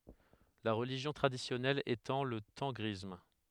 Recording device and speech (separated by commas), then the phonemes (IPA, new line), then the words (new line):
headset microphone, read sentence
la ʁəliʒjɔ̃ tʁadisjɔnɛl etɑ̃ lə tɑ̃ɡʁism
La religion traditionnelle étant le tengrisme.